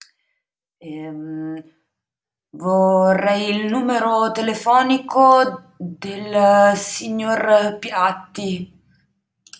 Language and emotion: Italian, fearful